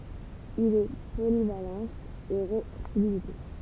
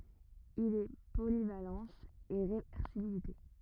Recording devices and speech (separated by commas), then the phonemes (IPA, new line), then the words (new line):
temple vibration pickup, rigid in-ear microphone, read sentence
il ɛ polivalɑ̃s e ʁevɛʁsibilite
Il est polyvalence et réversibilité.